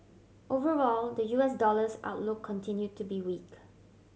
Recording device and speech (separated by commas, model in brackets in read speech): mobile phone (Samsung C7100), read sentence